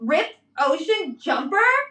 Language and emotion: English, disgusted